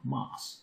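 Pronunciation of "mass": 'Mass' is pronounced incorrectly here, said like 'moss'.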